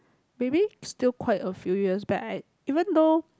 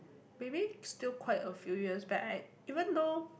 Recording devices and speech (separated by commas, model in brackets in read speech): close-talking microphone, boundary microphone, conversation in the same room